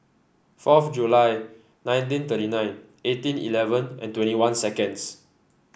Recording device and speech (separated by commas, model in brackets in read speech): boundary microphone (BM630), read sentence